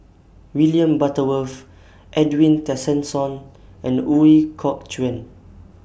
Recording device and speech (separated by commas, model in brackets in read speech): boundary microphone (BM630), read sentence